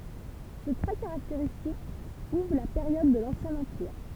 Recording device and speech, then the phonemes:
temple vibration pickup, read sentence
sə tʁɛ kaʁakteʁistik uvʁ la peʁjɔd də lɑ̃sjɛ̃ ɑ̃piʁ

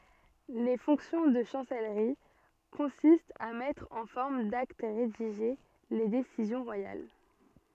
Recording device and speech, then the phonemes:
soft in-ear microphone, read sentence
le fɔ̃ksjɔ̃ də ʃɑ̃sɛlʁi kɔ̃sistt a mɛtʁ ɑ̃ fɔʁm dakt ʁediʒe le desizjɔ̃ ʁwajal

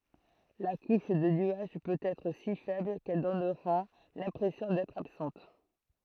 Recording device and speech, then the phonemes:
throat microphone, read sentence
la kuʃ də nyaʒ pøt ɛtʁ si fɛbl kɛl dɔnʁa lɛ̃pʁɛsjɔ̃ dɛtʁ absɑ̃t

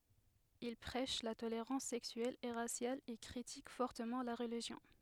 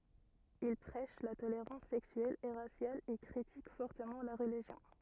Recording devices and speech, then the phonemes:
headset microphone, rigid in-ear microphone, read sentence
il pʁɛʃ la toleʁɑ̃s sɛksyɛl e ʁasjal e kʁitik fɔʁtəmɑ̃ la ʁəliʒjɔ̃

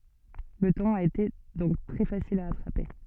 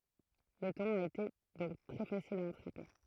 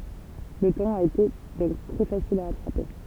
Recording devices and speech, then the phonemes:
soft in-ear microphone, throat microphone, temple vibration pickup, read sentence
lə tɔ̃n a ete dɔ̃k tʁɛ fasil a atʁape

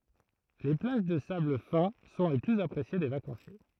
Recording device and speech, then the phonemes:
throat microphone, read sentence
le plaʒ də sabl fɛ̃ sɔ̃ le plyz apʁesje de vakɑ̃sje

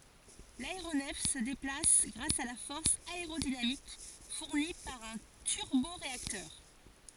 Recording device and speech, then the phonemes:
forehead accelerometer, read sentence
laeʁonɛf sə deplas ɡʁas a la fɔʁs aeʁodinamik fuʁni paʁ œ̃ tyʁboʁeaktœʁ

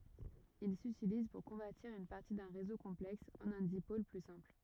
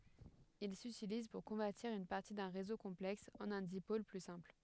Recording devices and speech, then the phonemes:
rigid in-ear microphone, headset microphone, read sentence
il sytiliz puʁ kɔ̃vɛʁtiʁ yn paʁti dœ̃ ʁezo kɔ̃plɛks ɑ̃n œ̃ dipol ply sɛ̃pl

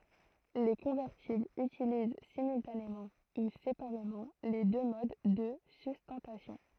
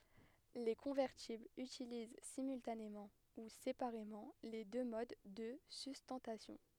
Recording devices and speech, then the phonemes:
throat microphone, headset microphone, read sentence
le kɔ̃vɛʁtiblz ytiliz simyltanemɑ̃ u sepaʁemɑ̃ le dø mod də systɑ̃tasjɔ̃

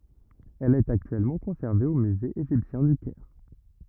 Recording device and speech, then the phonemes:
rigid in-ear microphone, read sentence
ɛl ɛt aktyɛlmɑ̃ kɔ̃sɛʁve o myze eʒiptjɛ̃ dy kɛʁ

